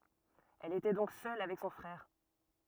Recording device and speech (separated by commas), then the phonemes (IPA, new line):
rigid in-ear microphone, read sentence
ɛl etɛ dɔ̃k sœl avɛk sɔ̃ fʁɛʁ